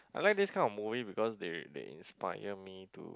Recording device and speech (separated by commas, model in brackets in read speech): close-talking microphone, conversation in the same room